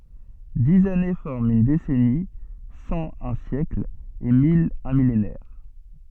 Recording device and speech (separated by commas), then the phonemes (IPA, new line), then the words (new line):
soft in-ear microphone, read sentence
diz ane fɔʁmt yn desɛni sɑ̃ œ̃ sjɛkl e mil œ̃ milenɛʁ
Dix années forment une décennie, cent un siècle et mille un millénaire.